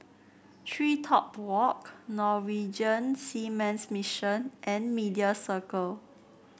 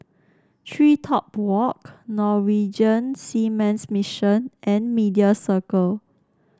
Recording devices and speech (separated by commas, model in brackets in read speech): boundary microphone (BM630), standing microphone (AKG C214), read sentence